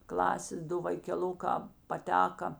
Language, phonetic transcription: Lithuanian, ˈklasės ˈdu vaikeˈlukā paˈteka

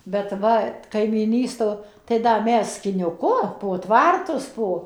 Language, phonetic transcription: Lithuanian, bet ˈva kaimyˈnysto tai ˈda ˈmes skiniuˈku po ˈtvartus ˈpo

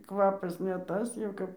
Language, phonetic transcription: Lithuanian, ˈkvapas ne ˈtas jau ˈkap

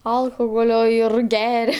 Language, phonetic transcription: Lithuanian, ˈalchoholio ir ˈgeria

